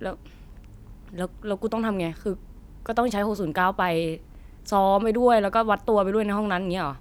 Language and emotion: Thai, frustrated